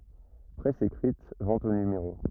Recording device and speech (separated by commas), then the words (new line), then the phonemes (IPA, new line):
rigid in-ear microphone, read sentence
Presse écrite, vente au numéro.
pʁɛs ekʁit vɑ̃t o nymeʁo